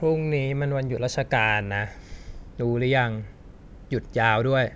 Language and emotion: Thai, frustrated